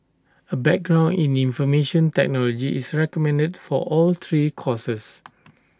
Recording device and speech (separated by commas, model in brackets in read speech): standing microphone (AKG C214), read sentence